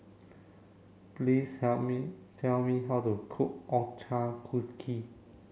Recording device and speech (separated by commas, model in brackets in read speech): mobile phone (Samsung C7), read sentence